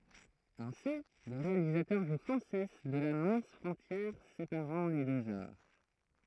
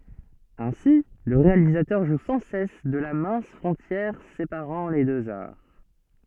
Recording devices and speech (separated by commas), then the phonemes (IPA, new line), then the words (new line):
throat microphone, soft in-ear microphone, read sentence
ɛ̃si lə ʁealizatœʁ ʒu sɑ̃ sɛs də la mɛ̃s fʁɔ̃tjɛʁ sepaʁɑ̃ le døz aʁ
Ainsi, le réalisateur joue sans cesse de la mince frontière séparant les deux arts.